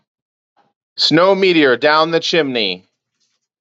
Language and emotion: English, fearful